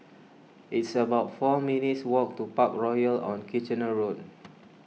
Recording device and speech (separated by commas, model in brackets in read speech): mobile phone (iPhone 6), read sentence